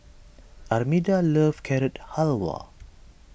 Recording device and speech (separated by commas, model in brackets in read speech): boundary microphone (BM630), read sentence